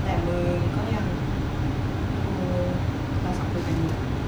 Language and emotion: Thai, frustrated